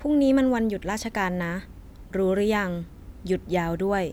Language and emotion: Thai, neutral